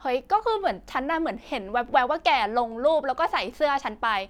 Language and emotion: Thai, frustrated